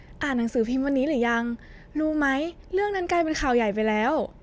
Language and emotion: Thai, happy